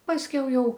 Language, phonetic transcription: Lithuanian, pasˈkiau ˈjau

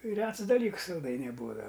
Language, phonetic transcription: Lithuanian, ˈrets daˈlyks salˈdainiai ˈbūdava

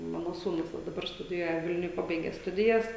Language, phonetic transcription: Lithuanian, ˈmano sūˈnus va daˈbar studiˈjuoja ˈvilniuj ˈpabaige ˈstudijas

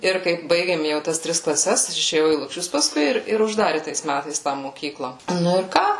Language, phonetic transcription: Lithuanian, ˈir kaip ˈbaigėm ˈjau tas ˈtris klaˈses aš išėˈjau į lukˈšius paˈskui ir ir užˈdari tais ˈmætais tą mokykla nu ir ˈką

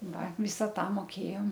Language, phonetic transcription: Lithuanian, ˈva ˈvysa ˈta moˈkėjom

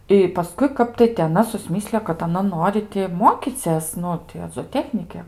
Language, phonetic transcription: Lithuanian, i paˈskui ˈkap tai ti aˈna susˈmislijo kad aˈna ˈnori ti ˈmokycės ˈnu ti a zoˈtechnike

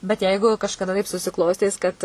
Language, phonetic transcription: Lithuanian, bet ˈjeigu kažkaˈda taip susiˈklostys kad

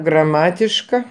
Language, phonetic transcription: Lithuanian, graˈmatiška

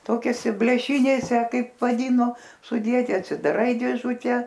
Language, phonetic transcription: Lithuanian, ˈtokiosi blėˈšinėse ˈkaip vaˈdyno suˈdieti atsidaˈrai dėˈžute

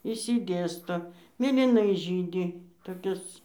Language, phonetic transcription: Lithuanian, išsiˈdėsto mėlyˈnai ˈžydi toˈkis

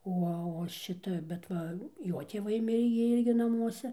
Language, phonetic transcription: Lithuanian, ˈo o ˈšita bet ˈva ˈjo tėˈvaiˈmirė gi ˈirgi naˈmuose

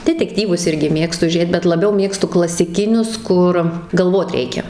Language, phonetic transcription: Lithuanian, detekˈtyvus ˈirgi ˈmėgstu ˈžėt bet laˈbiau ˈmėgstu klasiˈkinius ˈkur galˈvot ˈreikia

